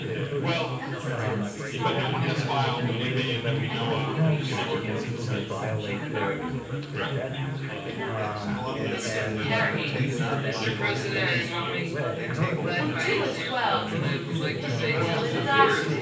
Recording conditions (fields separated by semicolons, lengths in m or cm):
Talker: one person; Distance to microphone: 9.8 m; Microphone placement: far; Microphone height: 1.8 m; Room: large; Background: babble